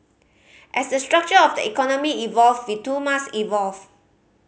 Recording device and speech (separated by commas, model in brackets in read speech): mobile phone (Samsung C5010), read sentence